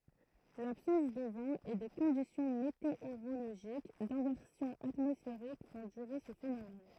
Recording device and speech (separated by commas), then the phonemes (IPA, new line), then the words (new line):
throat microphone, read sentence
labsɑ̃s də vɑ̃ e de kɔ̃disjɔ̃ meteoʁoloʒik dɛ̃vɛʁsjɔ̃ atmɔsfeʁik fɔ̃ dyʁe sə fenomɛn
L'absence de vent et des conditions météorologiques d'inversion atmosphérique font durer ce phénomène.